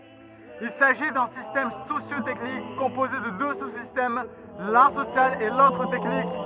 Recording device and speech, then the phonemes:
rigid in-ear microphone, read sentence
il saʒi dœ̃ sistɛm sosjo tɛknik kɔ̃poze də dø su sistɛm lœ̃ sosjal e lotʁ tɛknik

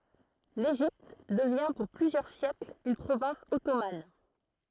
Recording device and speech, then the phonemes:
throat microphone, read sentence
leʒipt dəvjɛ̃ puʁ plyzjœʁ sjɛkl yn pʁovɛ̃s ɔtoman

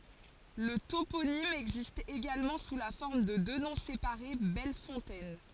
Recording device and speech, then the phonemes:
forehead accelerometer, read sentence
lə toponim ɛɡzist eɡalmɑ̃ su la fɔʁm də dø nɔ̃ sepaʁe bɛl fɔ̃tɛn

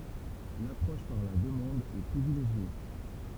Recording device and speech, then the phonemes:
temple vibration pickup, read sentence
lapʁɔʃ paʁ la dəmɑ̃d ɛ pʁivileʒje

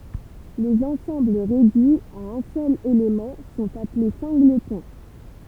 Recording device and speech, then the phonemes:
temple vibration pickup, read sentence
lez ɑ̃sɑ̃bl ʁedyiz a œ̃ sœl elemɑ̃ sɔ̃t aple sɛ̃ɡlətɔ̃

